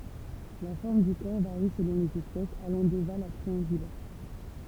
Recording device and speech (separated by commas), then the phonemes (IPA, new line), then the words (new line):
temple vibration pickup, read sentence
la fɔʁm dy kɔʁ vaʁi səlɔ̃ lez ɛspɛsz alɑ̃ doval a tʁiɑ̃ɡylɛʁ
La forme du corps varie selon les espèces, allant d'ovale à triangulaire.